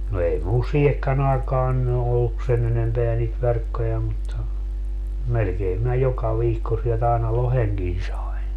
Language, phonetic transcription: Finnish, no 'ei mul "siihekkän ‿aekaan ny olluk , 'sen enempeä niit 'verkkoja mutta , melkeem minä 'joka 'viikko sielt ‿aina "loheŋkin sai̮n .
- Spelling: no ei minulla siihenkään aikaan nyt ollut sen enempää niitä verkkoja mutta melkein minä joka viikko sieltä aina lohenkin sain

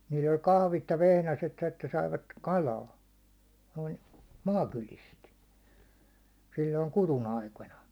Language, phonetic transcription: Finnish, nii'l ‿oĺ 'kahvit ja 'vehnäset ‿että saivat "kalaa , noin , "maakylist , sil̜l̜oin 'kuðun 'aikona .
- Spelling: niillä oli kahvit ja vehnäset että saivat kalaa noin maakylistä silloin kudun aikoina

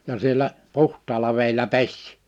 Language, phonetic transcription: Finnish, ja sielä , 'puht̆taala vèilä 'peś .
- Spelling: ja siellä puhtaalla vedellä pesi

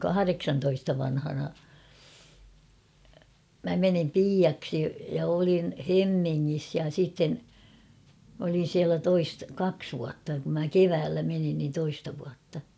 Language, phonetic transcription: Finnish, kahareksantoista vanhana , 'mä menim "piiaksi ja olin , "Hemmiŋŋis ja sitten , m ‿olin̬ 'siälä 'toist- 'kaks vuatta kum mä "keväällä menin nin 'toista vuatta .
- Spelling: kahdeksantoista vanhana minä menin piiaksi ja olin Hemmingissä ja sitten minä olin siellä - kaksi vuotta kun minä keväällä menin niin toista vuotta

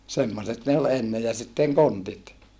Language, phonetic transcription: Finnish, semmoset ne ol enne ja sitteŋ kontit .
- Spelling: semmoiset ne oli ennen ja sitten kontit

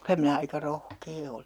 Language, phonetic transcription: Finnish, » 'kylä minä aika "rohkee oli .
- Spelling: kyllä minä aika rohkea olin

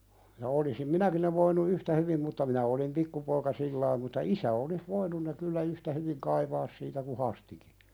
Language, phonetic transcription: Finnish, ja olisim "minäki ne voinu 'yhtä hyvim mutta 'minä olim "pikkupoika 'sillaim mutta "isä olis 'voinun ne kyllä "yhtä hyviŋ 'kaivaas siitä ku 'Hastiki .
- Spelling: ja olisin minäkin ne voinut yhtä hyvin mutta minä olin pikkupoika sillä tavalla mutta isä olisi voinut ne kyllä yhtä hyvin kaivaa siitä kuin Hastikin

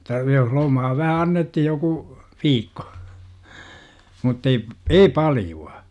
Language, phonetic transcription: Finnish, Otta , jos 'lomaa vähä "annethij joku , 'viikko muttei , "ei 'palju₍a .
- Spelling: jotta jos lomaa vähän annettiin joku viikko mutta ei ei paljoa

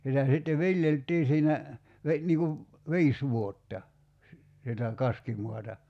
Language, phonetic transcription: Finnish, sitä sitte "viljelt̀ii siinä , ve- , 'niiŋ kuv , "viis 'vuotta , si- , sitä , 'kaskimuata .
- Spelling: sitä sitten viljeltiin siinä - niin kuin viisi vuotta - sitä kaskimaata

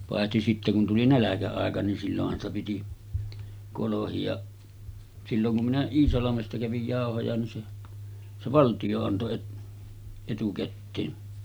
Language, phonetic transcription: Finnish, pàehti sitte kun 'tuli "näläkä₍àeka nin sillohhan ‿sta piti , kolohi₍aˀ , 'silloŋ kum minä 'Iisalamesta kävij 'jàohoja nin se , 'se "valtiʲo anto et- , etukätteen .
- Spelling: paitsi sitten kun tuli nälkäaika niin silloinhan sitä piti kolhia silloin kun minä Iisalmesta kävin jauhoja niin se se valtio antoi - etukäteen

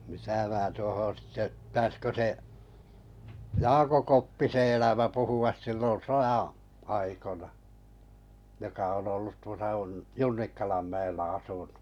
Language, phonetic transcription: Finnish, mitä 'mää tuohon̬ sⁱtte , ptääskö 'se’ , "Jaako̰ 'Koppise 'elämä 'puhu₍as sillon̬ "sojaa̰ , aikona , joka on ollut 'tuosa un- "Junnikkalam 'mä₍ellä 'asu(ɴᴜ) .
- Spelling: mitä minä tuohon sitten pitäisikö se Jaakko Koppisen elämä puhua silloin sodan aikoina joka on ollut tuossa - Junnikkalan mäellä asunut

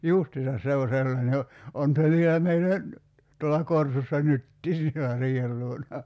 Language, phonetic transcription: Finnish, "justisas 'se o śellane o , 'on se vielä 'meillä n̥- , tuolla 'korsussa "nyttii sielä 'riihel luona .
- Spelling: justiinsa se on sellainen on on se vielä meillä - tuolla korsussa nytkin siellä riihen luona

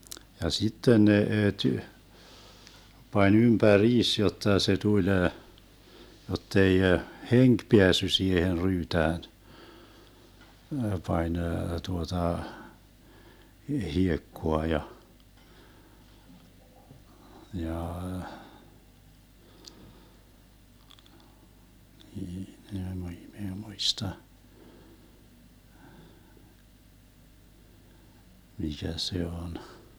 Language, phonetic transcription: Finnish, ja 'sitten 'ne₍e ty- , 'pań 'ympä"riis 'jotta se 'tuĺ , 'jottei , "heŋk 'peässy 'siihen 'ryytään , 'pań 'tuota , 'hiekkoa ja , 'jaah , (minä) ei 'muista , 'mikä 'se 'on .
- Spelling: ja sitten ne - pani ympäriinsä jotta se tuli jotta ei henki päässyt siihen ryytään pani tuota hiekkaa ja jaa minä ei muista mikä se on

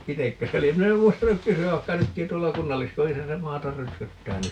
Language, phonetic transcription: Finnish, 'itekkö se lie - 'min ‿em 'muistanuk "kysy₍äv 'vaikka 'nytkiḭ 'tuolla "kunnalliskojisa se 'maatar "rötköttää 'nyt .
- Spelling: itsekö se lie minä en muistanut kysyä vaikka nytkin tuolla kunnalliskodissa se maata rötköttää nyt

